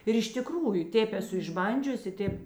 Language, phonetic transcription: Lithuanian, ir iš tiˈkrųju ˈtėp eˈsu išˈbandžiusi ˈtėp

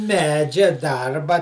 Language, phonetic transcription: Lithuanian, ˈmedžia ˈdarba

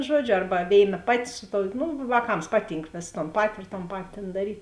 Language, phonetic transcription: Lithuanian, ˈžuodžiu ˈarba ˈvėiˌna ˈpaˌti ˈsu ˌtou ˈnu vāˈkams ˈpaˌtynk vės ton ˈpati ir ton ˈpati tėn daˈryt'

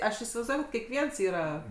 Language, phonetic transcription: Lithuanian, ˈaš isivaizˈduoj kad kekˈviens ˈyra

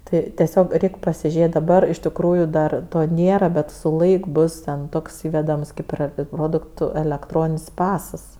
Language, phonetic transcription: Lithuanian, ˈtai teˈsiog ˈreik' pasiˈžėt' daˈbar iš tikˈrųju dar ˈto ˈnėra ˈbet su ˈlaik ˈbus ten ˈtoks ˈįvedams ˈkaip ir ˈproduktu elekˈtronin's' ˈpasas

